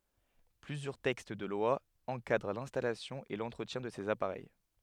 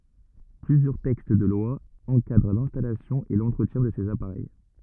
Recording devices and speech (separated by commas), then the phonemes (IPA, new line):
headset microphone, rigid in-ear microphone, read sentence
plyzjœʁ tɛkst də lwa ɑ̃kadʁ lɛ̃stalasjɔ̃ e lɑ̃tʁətjɛ̃ də sez apaʁɛj